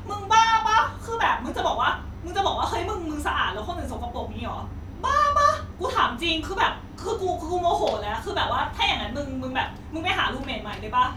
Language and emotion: Thai, angry